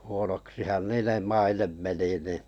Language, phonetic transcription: Finnish, huonoksihan "niinem mainem 'meni nì ,.
- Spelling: huonoksihan niiden maine meni niin

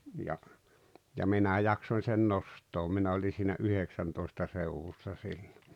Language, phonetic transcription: Finnish, ja , ja 'minä "jaksoⁱn̬ sen 'nost̀oom 'minä oli siinä "yheksäntoista 'seuwussa 'sillo .
- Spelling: ja ja minä jaksoin sen nostaa minä olin siinä yhdeksäntoista seudussa silloin

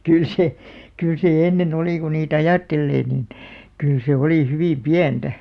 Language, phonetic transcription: Finnish, kyl se , 'kỳl se 'enne'n ‿olì ku nii"t ‿ajàttellee niin , 'kyl se 'olì 'hyvìm "piantä .
- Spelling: kyllä se kyllä se ennen oli kun niitä ajattelee niin kyllä se oli hyvin pientä

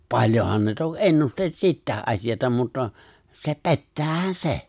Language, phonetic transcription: Finnish, paĺjohan ne 'tok "’ennusteĺ 'sittäe’ '’asijata mutta , 'se "pe̬ttäähän "se .
- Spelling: paljonhan ne toki ennusteli sitäkin asiaa mutta se pettäähän se

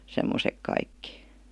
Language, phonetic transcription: Finnish, 'semmosek kaikki .
- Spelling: semmoiset kaikki

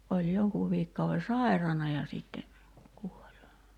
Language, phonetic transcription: Finnish, oĺ 'joŋkuuv 'viikkauve "sàirana ja sìtte , kuol .
- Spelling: oli jonkun viikkokauden sairaana ja sitten kuoli

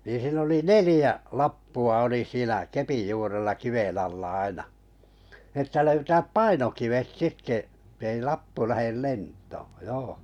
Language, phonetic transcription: Finnish, niin̬ siin ‿oli "nelĭjä , 'lappu₍a oli 'siinä 'kepij juurella 'kiven alla 'aina , nⁱ ‿että 'löytääp "painokivet , ettei 'lappu 'lähel "lent̀oo , 'joo .
- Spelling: niin siinä oli neljä lappua oli siinä kepin juurella kiven alla aina niin että löytää painokivet että ei lappu lähde lentoon joo

